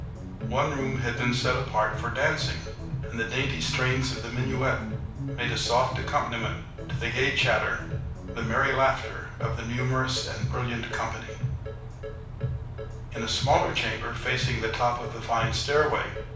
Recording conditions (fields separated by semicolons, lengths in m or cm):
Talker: one person; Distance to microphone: 5.8 m; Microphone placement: far; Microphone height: 1.8 m; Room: medium-sized (5.7 m by 4.0 m); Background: music